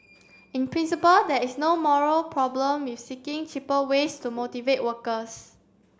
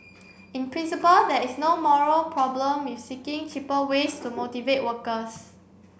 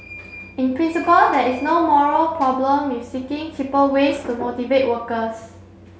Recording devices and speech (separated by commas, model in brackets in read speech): standing microphone (AKG C214), boundary microphone (BM630), mobile phone (Samsung C7), read sentence